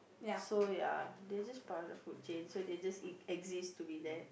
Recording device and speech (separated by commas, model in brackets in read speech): boundary microphone, conversation in the same room